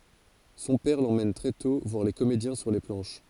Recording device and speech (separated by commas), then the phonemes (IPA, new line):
forehead accelerometer, read sentence
sɔ̃ pɛʁ lemɛn tʁɛ tɔ̃ vwaʁ le komedjɛ̃ syʁ le plɑ̃ʃ